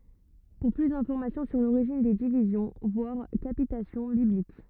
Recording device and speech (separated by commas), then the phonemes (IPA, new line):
rigid in-ear microphone, read sentence
puʁ ply dɛ̃fɔʁmasjɔ̃ syʁ loʁiʒin de divizjɔ̃ vwaʁ kapitasjɔ̃ biblik